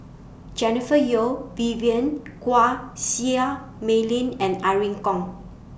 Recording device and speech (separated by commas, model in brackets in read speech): boundary microphone (BM630), read sentence